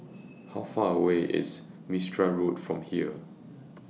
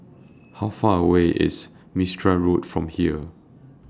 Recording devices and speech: mobile phone (iPhone 6), standing microphone (AKG C214), read sentence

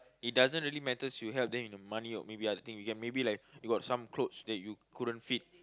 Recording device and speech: close-talking microphone, conversation in the same room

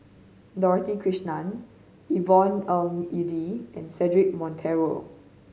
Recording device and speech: mobile phone (Samsung C5010), read sentence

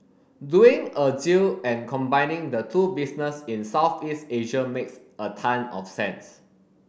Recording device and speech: boundary microphone (BM630), read sentence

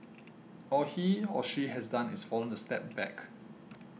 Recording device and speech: mobile phone (iPhone 6), read sentence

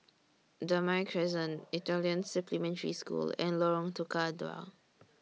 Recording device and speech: mobile phone (iPhone 6), read sentence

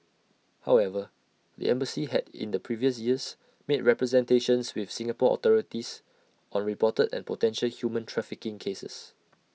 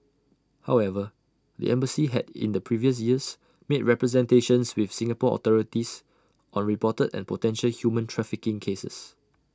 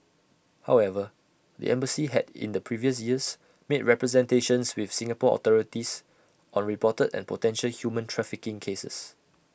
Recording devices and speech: mobile phone (iPhone 6), standing microphone (AKG C214), boundary microphone (BM630), read sentence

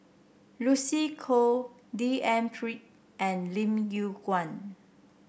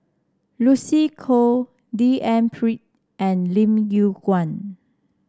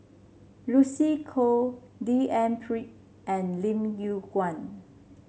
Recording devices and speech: boundary microphone (BM630), standing microphone (AKG C214), mobile phone (Samsung C7), read sentence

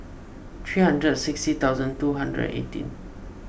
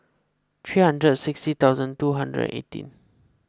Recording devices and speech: boundary microphone (BM630), close-talking microphone (WH20), read sentence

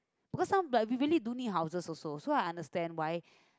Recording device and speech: close-talking microphone, conversation in the same room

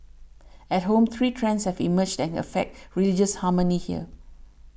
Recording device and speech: boundary microphone (BM630), read sentence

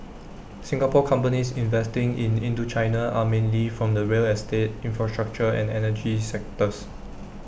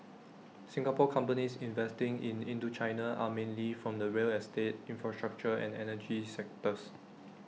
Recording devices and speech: boundary microphone (BM630), mobile phone (iPhone 6), read sentence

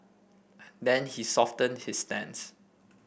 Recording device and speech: boundary microphone (BM630), read sentence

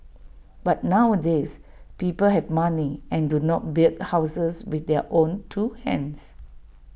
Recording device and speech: boundary microphone (BM630), read sentence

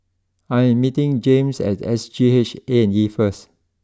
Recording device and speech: close-talking microphone (WH20), read sentence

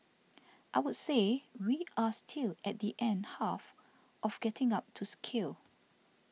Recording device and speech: mobile phone (iPhone 6), read sentence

